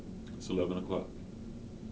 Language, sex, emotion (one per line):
English
male
neutral